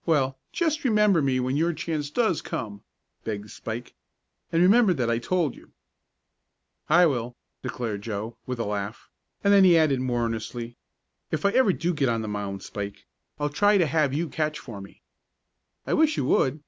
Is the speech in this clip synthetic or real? real